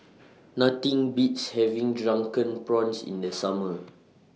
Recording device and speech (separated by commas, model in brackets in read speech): mobile phone (iPhone 6), read sentence